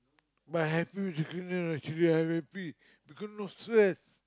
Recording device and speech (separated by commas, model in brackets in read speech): close-talking microphone, conversation in the same room